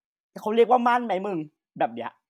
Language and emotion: Thai, angry